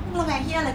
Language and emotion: Thai, frustrated